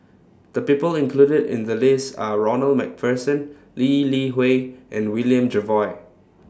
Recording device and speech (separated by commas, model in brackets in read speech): standing microphone (AKG C214), read sentence